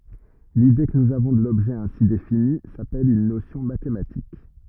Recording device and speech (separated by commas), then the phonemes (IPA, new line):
rigid in-ear microphone, read sentence
lide kə nuz avɔ̃ də lɔbʒɛ ɛ̃si defini sapɛl yn nosjɔ̃ matematik